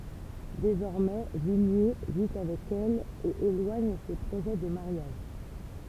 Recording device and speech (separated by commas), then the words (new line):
temple vibration pickup, read sentence
Désormais, Villiers vit avec elle et éloigne ses projets de mariage.